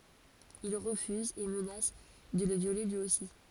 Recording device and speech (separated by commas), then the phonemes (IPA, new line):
forehead accelerometer, read sentence
il ʁəfyzt e mənas də lə vjole lyi osi